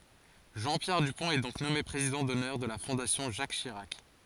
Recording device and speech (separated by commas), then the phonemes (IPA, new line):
forehead accelerometer, read sentence
ʒɑ̃ pjɛʁ dypɔ̃t ɛ dɔ̃k nɔme pʁezidɑ̃ dɔnœʁ də la fɔ̃dasjɔ̃ ʒak ʃiʁak